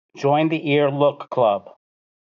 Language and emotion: English, neutral